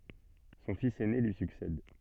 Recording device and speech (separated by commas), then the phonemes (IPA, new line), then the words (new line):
soft in-ear microphone, read sentence
sɔ̃ fis ɛne lyi syksɛd
Son fils aîné lui succède.